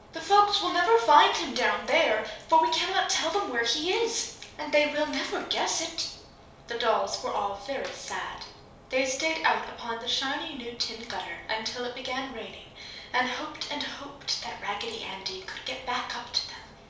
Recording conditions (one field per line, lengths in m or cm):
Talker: one person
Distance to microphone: 3.0 m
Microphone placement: far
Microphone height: 1.8 m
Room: small (3.7 m by 2.7 m)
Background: none